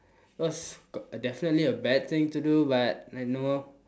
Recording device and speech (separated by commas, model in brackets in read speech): standing microphone, conversation in separate rooms